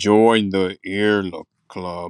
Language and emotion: English, sad